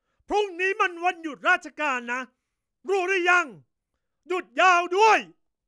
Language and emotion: Thai, angry